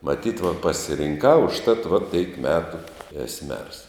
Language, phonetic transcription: Lithuanian, maˈtyt va pasirinˈkau užˈtat va taip ˈmetu es mers

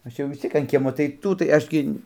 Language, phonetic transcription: Lithuanian, ˈaš jau vis ˈciek an ˈkiemo tai ˈtų tai ˈaš gi

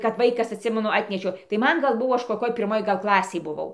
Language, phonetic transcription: Lithuanian, kap ˈvaikas atˈsimenu ˈatnešiau tai ˈman ˈgal ˈbuvo ˈaš koˈkioj pirˈmoj ˈgal ˈklasėj buˈvau ˈklasėj buˈvau

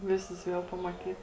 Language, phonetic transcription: Lithuanian, ˈvisus ˈviel pamaˈtyt

